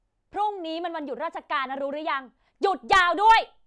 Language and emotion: Thai, angry